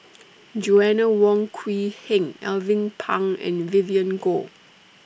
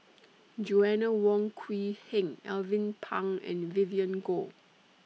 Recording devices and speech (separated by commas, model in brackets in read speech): boundary microphone (BM630), mobile phone (iPhone 6), read sentence